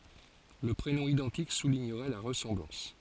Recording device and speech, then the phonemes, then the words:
forehead accelerometer, read sentence
lə pʁenɔ̃ idɑ̃tik suliɲəʁɛ la ʁəsɑ̃blɑ̃s
Le prénom identique soulignerait la ressemblance.

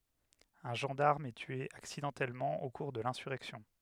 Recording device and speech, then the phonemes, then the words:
headset microphone, read sentence
œ̃ ʒɑ̃daʁm ɛ tye aksidɑ̃tɛlmɑ̃ o kuʁ də lɛ̃syʁɛksjɔ̃
Un gendarme est tué accidentellement au cours de l’insurrection.

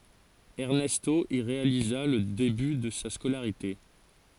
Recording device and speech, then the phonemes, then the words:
forehead accelerometer, read sentence
ɛʁnɛsto i ʁealiza lə deby də sa skolaʁite
Ernesto y réalisa le début de sa scolarité.

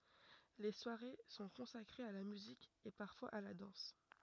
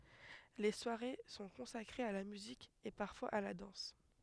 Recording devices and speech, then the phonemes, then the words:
rigid in-ear microphone, headset microphone, read sentence
le swaʁe sɔ̃ kɔ̃sakʁez a la myzik e paʁfwaz a la dɑ̃s
Les soirées sont consacrées à la musique et parfois à la danse.

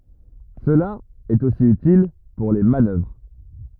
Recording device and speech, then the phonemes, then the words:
rigid in-ear microphone, read sentence
səla ɛt osi ytil puʁ le manœvʁ
Cela est aussi utile pour les manœuvres.

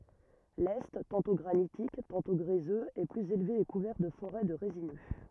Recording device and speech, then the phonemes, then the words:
rigid in-ear microphone, read sentence
lɛ tɑ̃tɔ̃ ɡʁanitik tɑ̃tɔ̃ ɡʁezøz ɛ plyz elve e kuvɛʁ də foʁɛ də ʁezinø
L'est, tantôt granitique, tantôt gréseux, est plus élevé et couvert de forêts de résineux.

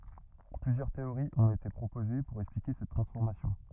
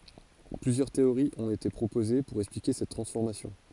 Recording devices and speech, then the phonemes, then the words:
rigid in-ear microphone, forehead accelerometer, read sentence
plyzjœʁ teoʁiz ɔ̃t ete pʁopoze puʁ ɛksplike sɛt tʁɑ̃sfɔʁmasjɔ̃
Plusieurs théories ont été proposées pour expliquer cette transformation.

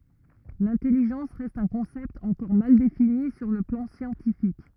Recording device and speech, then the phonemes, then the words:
rigid in-ear microphone, read sentence
lɛ̃tɛliʒɑ̃s ʁɛst œ̃ kɔ̃sɛpt ɑ̃kɔʁ mal defini syʁ lə plɑ̃ sjɑ̃tifik
L'intelligence reste un concept encore mal défini sur le plan scientifique.

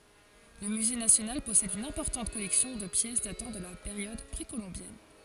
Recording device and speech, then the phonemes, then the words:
forehead accelerometer, read sentence
lə myze nasjonal pɔsɛd yn ɛ̃pɔʁtɑ̃t kɔlɛksjɔ̃ də pjɛs datɑ̃ də la peʁjɔd pʁekolɔ̃bjɛn
Le musée national possède une importante collection de pièces datant de la période précolombienne.

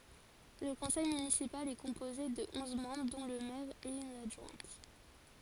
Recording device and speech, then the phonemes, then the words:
forehead accelerometer, read sentence
lə kɔ̃sɛj mynisipal ɛ kɔ̃poze də ɔ̃z mɑ̃bʁ dɔ̃ lə mɛʁ e yn adʒwɛ̃t
Le conseil municipal est composé de onze membres dont le maire et une adjointe.

